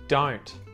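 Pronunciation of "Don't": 'Don't' is said with the T at the end pronounced, not muted.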